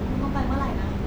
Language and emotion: Thai, sad